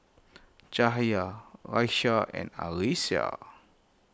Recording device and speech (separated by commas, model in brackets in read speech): close-talking microphone (WH20), read sentence